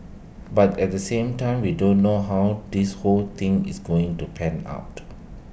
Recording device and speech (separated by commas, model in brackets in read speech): boundary microphone (BM630), read sentence